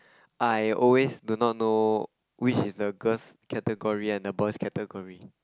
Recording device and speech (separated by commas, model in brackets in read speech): close-talking microphone, conversation in the same room